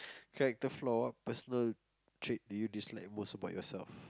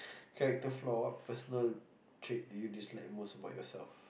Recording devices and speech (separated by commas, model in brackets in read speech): close-talking microphone, boundary microphone, conversation in the same room